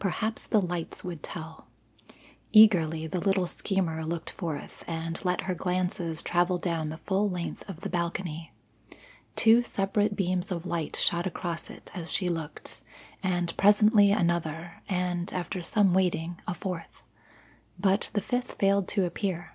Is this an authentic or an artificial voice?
authentic